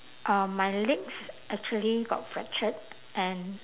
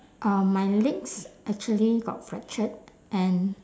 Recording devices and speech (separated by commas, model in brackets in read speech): telephone, standing microphone, conversation in separate rooms